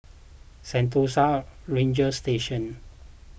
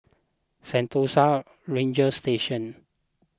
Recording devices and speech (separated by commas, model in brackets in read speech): boundary microphone (BM630), close-talking microphone (WH20), read sentence